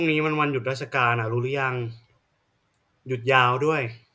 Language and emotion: Thai, neutral